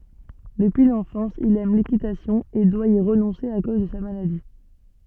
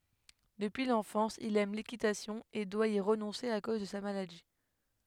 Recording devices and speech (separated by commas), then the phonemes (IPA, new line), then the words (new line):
soft in-ear microphone, headset microphone, read sentence
dəpyi lɑ̃fɑ̃s il ɛm lekitasjɔ̃ e dwa i ʁənɔ̃se a koz də sa maladi
Depuis l’enfance, il aime l’équitation et doit y renoncer à cause de sa maladie.